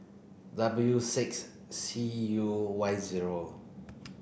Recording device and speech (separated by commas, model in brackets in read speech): boundary microphone (BM630), read sentence